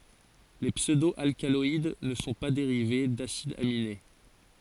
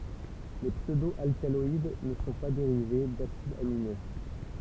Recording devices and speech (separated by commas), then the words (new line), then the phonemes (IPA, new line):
forehead accelerometer, temple vibration pickup, read sentence
Les pseudo-alcaloïdes ne sont pas dérivés d'acides aminés.
le psødo alkalɔid nə sɔ̃ pa deʁive dasidz amine